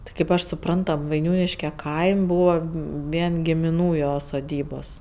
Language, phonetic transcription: Lithuanian, ˈti kaip ˈaš suˈprant ˈtam vaiˈniūniške ˈkaim' ˈbūva ˈvien gimiˈnų ˈjo soˈdybos

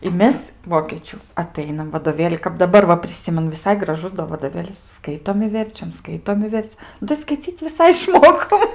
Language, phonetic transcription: Lithuanian, i ˈmes ˈvokėčių aˈtainam vadoˈvėli kap daˈbar va priˈsimenu viˈsai graˈžus do vadoˈvėlis ˈskaitom i ˈverčiam ˈskaitom i ˈverc nu tai skaiˈcyc' viˈsai išˈmokom

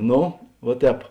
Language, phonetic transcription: Lithuanian, ˈno vuo ˈtēp

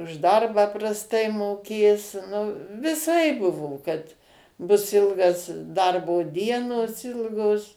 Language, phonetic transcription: Lithuanian, už ˈdarbą prasˈtai moˈkės nu viˈsaip ˈbuvo kad ˈbus ˈilgas ˈdarbo ˈdienos ˈilgos

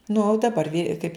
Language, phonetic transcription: Lithuanian, nu daˈbar vyr kaip

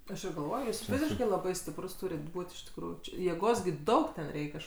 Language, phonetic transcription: Lithuanian, ˈaš ir galˈvoj ˈjūs ˈfiziškai laˈbai stipˈrus ˈtūrit ˈbūt' iš tikˈrųjų či jėˈgos gi ˈdaug ten ˈreik' ˈaš

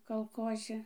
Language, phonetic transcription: Lithuanian, kalˈkozi

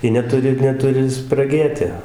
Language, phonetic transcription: Lithuanian, ˈji neˈturi neˈturi spraˈgėti

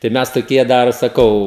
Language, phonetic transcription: Lithuanian, tai ˈmes toˈkie ˈdar saˈkau

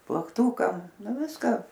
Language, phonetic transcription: Lithuanian, plakˈtūkam ˈnu ˈviska

